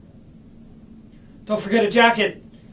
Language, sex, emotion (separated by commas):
English, male, neutral